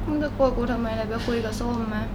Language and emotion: Thai, sad